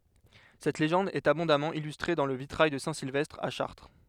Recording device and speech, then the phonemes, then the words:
headset microphone, read sentence
sɛt leʒɑ̃d ɛt abɔ̃damɑ̃ ilystʁe dɑ̃ lə vitʁaj də sɛ̃ silvɛstʁ a ʃaʁtʁ
Cette légende est abondamment illustrée dans le vitrail de saint Sylvestre à Chartres.

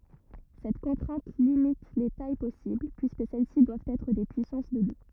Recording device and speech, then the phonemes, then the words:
rigid in-ear microphone, read sentence
sɛt kɔ̃tʁɛ̃t limit le taj pɔsibl pyiskə sɛl si dwavt ɛtʁ de pyisɑ̃s də dø
Cette contrainte limite les tailles possibles, puisque celles-ci doivent être des puissances de deux.

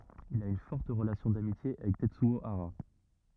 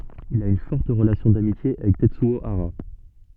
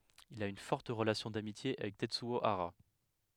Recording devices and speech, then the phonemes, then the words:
rigid in-ear microphone, soft in-ear microphone, headset microphone, read sentence
il a yn fɔʁt ʁəlasjɔ̃ damitje avɛk tɛtsyo aʁa
Il a une forte relation d'amitié avec Tetsuo Hara.

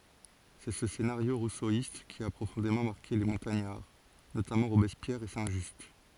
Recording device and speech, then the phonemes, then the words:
forehead accelerometer, read sentence
sɛ sə senaʁjo ʁusoist ki a pʁofɔ̃demɑ̃ maʁke le mɔ̃taɲaʁ notamɑ̃ ʁobɛspjɛʁ e sɛ̃ ʒyst
C'est ce scénario rousseauiste qui a profondément marqué les Montagnards, notamment Robespierre et Saint-Just.

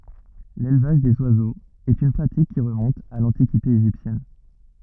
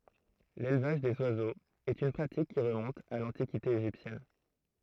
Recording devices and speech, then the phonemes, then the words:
rigid in-ear microphone, throat microphone, read sentence
lelvaʒ dez wazoz ɛt yn pʁatik ki ʁəmɔ̃t a lɑ̃tikite eʒiptjɛn
L'élevage des oiseaux est une pratique qui remonte à l'Antiquité égyptienne.

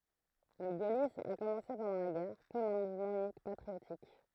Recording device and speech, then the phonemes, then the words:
throat microphone, read sentence
lə ɡolism a kɔmɑ̃se pɑ̃dɑ̃ la ɡɛʁ kɔm œ̃ muvmɑ̃ ynikmɑ̃ patʁiotik
Le gaullisme a commencé pendant la guerre, comme un mouvement uniquement patriotique.

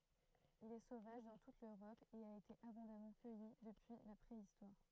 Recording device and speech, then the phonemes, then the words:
throat microphone, read sentence
il ɛ sovaʒ dɑ̃ tut løʁɔp e a ete abɔ̃damɑ̃ kœji dəpyi la pʁeistwaʁ
Il est sauvage dans toute l’Europe et a été abondamment cueilli depuis la Préhistoire.

